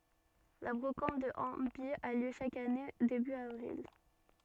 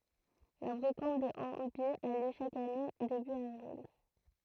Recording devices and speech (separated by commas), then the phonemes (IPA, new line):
soft in-ear microphone, throat microphone, read sentence
la bʁokɑ̃t də ɑ̃baj a ljø ʃak ane deby avʁil